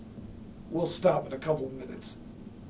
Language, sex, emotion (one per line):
English
male
neutral